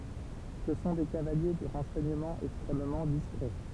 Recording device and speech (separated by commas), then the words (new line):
temple vibration pickup, read sentence
Ce sont des cavaliers du renseignement extrêmement discret.